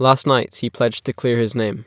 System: none